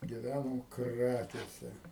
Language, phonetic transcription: Lithuanian, giˈvænam ˈkrakėse

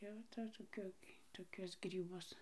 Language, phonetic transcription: Lithuanian, ˈjau ta toˈkiu toˈkius gryˈbus

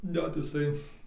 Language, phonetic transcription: Lithuanian, ˈnet iˈsai

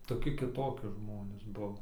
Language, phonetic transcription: Lithuanian, toˈki kiˈtoki ˈžmonės ˈbuvo

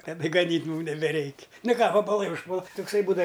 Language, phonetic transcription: Lithuanian, taˈda gaˈnyt' ˈmūm nebeˈreik' ˈnu ˈką vabaˈlai užˈpuola tukˈsai ˈbūdav

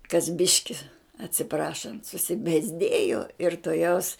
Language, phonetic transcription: Lithuanian, kas ˈbiški atsiˈprašant susibėzˈdėjo ir toˈjaus

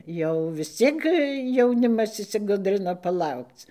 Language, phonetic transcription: Lithuanian, ˈjau vis ˈciek jauˈnimas išsiˈgudrina paˈlaukc

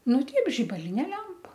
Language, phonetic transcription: Lithuanian, nu ˈteip žibaˈlinė ˈlempa

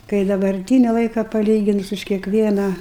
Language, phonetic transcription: Lithuanian, kai dabarˈtyni ˈlaika paˈlyginus už kiekˈvieną

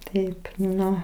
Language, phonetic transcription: Lithuanian, ˈtaip ˈnu

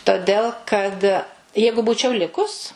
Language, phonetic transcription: Lithuanian, toˈdel kad ˈjeigu ˈbūčiau ˈlikus

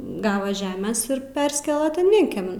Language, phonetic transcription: Lithuanian, ˈgava ˈžemės ir ˈperskela tan ˈvienkemin

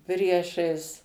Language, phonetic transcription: Lithuanian, ˈpriešais

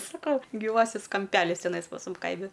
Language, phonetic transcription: Lithuanian, saˈkau gyˈvasis kamˈpelis teˈnais pas ˈmum ˈkaimi

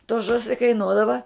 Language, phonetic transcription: Lithuanian, to ˈžusi kaiˈnuodava

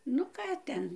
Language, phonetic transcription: Lithuanian, ˈnu ˈką ten

